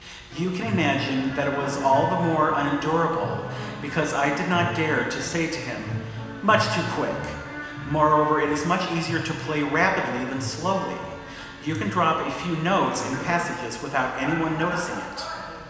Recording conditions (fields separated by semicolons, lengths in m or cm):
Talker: one person; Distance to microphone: 1.7 m; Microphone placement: close; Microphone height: 1.0 m; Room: very reverberant, large; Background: television